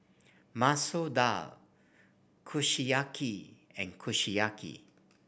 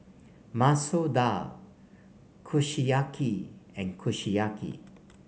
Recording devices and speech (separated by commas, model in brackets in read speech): boundary microphone (BM630), mobile phone (Samsung C5), read sentence